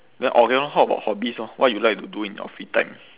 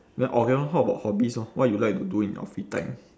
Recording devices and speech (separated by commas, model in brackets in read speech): telephone, standing microphone, conversation in separate rooms